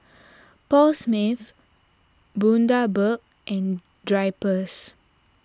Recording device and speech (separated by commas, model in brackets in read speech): standing microphone (AKG C214), read sentence